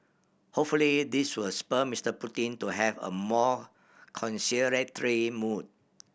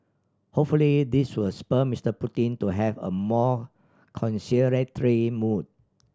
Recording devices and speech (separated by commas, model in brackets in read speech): boundary microphone (BM630), standing microphone (AKG C214), read sentence